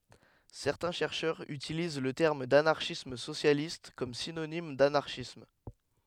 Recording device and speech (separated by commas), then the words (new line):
headset microphone, read sentence
Certains chercheurs utilisent le terme d'anarchisme socialiste comme synonyme d'anarchisme.